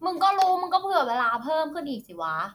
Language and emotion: Thai, frustrated